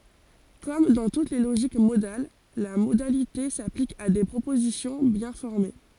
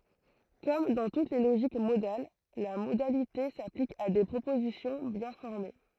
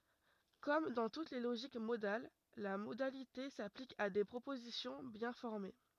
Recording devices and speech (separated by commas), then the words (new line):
forehead accelerometer, throat microphone, rigid in-ear microphone, read sentence
Comme dans toutes les logiques modales, la modalité s'applique à des propositions bien formées.